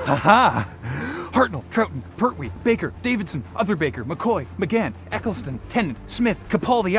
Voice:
"got you now" voice